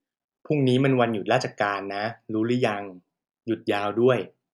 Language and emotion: Thai, neutral